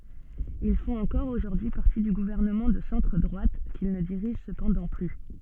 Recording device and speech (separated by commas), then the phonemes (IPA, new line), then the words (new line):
soft in-ear microphone, read sentence
il fɔ̃t ɑ̃kɔʁ oʒuʁdyi paʁti dy ɡuvɛʁnəmɑ̃ də sɑ̃tʁ dʁwat kil nə diʁiʒ səpɑ̃dɑ̃ ply
Ils font encore aujourd'hui partie du gouvernement de centre-droite, qu'ils ne dirigent cependant plus.